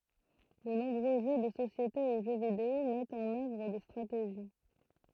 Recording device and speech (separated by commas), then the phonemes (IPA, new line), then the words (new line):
throat microphone, read sentence
də nɔ̃bʁø ʒø də sosjete u ʒø video mɛtt ɑ̃n œvʁ de stʁateʒi
De nombreux jeux de société ou jeux vidéo mettent en œuvre des stratégies.